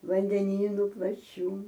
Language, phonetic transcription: Lithuanian, vandeˈnynu plaˈčių

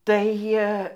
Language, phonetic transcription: Lithuanian, tai ˈjie

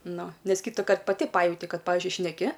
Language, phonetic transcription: Lithuanian, ˈnu ˈnes ˈkytukart paˈti ˈpajauti ˈkad ˈpavizdžiui šneˈki

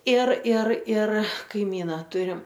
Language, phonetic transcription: Lithuanian, ir ir ir kaiˈmyna ˈturim

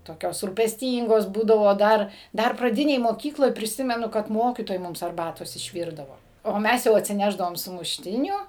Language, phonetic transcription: Lithuanian, toˈkios rūpesˈtyngos ˈbūdavo ˈdar ˈdar praˈdinėj moˈkykloj priˈsimenu kad ˈmokytojai ˈmums arˈbatos išˈvyrdavo o ˈmes jau atsiˈnešdavom sumušˈtinių

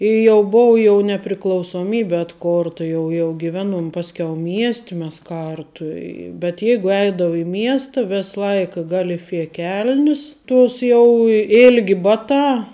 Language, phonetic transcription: Lithuanian, i jau ˈbuvu jau nepriklausoˈmybi atˈkorta ˈjau jau giˈveˌnuom ˈpasˌkiau ˈmiesti mes ˈkartu i bet ˈjeigu ˈeidavu i ˈmiesta ˈves ˈlaik galiˈfie ˈkel'nis ˈtuos jau i ˈilgi ˈbaˌtā

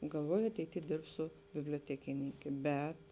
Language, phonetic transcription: Lithuanian, galˈvoju ateiˈty ˈdirbsu bibliotekiˈninkė ˈbet

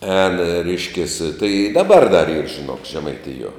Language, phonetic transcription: Lithuanian, ēn ˈreiškės tai i ˈdaˌbar dar yr žiˈnok žemaiˈtijuo

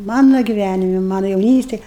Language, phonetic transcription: Lithuanian, ˈmanu giˈvænimi ˈmanu jauˈnystėj

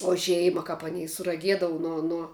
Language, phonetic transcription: Lithuanian, o ˈžeima kap aˈnei suraˈgiedava ˈnuo ˈnuo

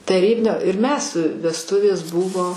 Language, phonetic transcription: Lithuanian, taˈrybinio ir ˈmes vesˈtuvės ˈbuvo

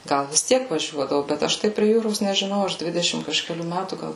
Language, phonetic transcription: Lithuanian, ˈgal vis ˈtiek vaˈžiuodavu bet ˈaš tai prie ˈjūros nežiˈnau ˈaš ˈdvidešim kažkeˈlių ˈmætų ˈgal

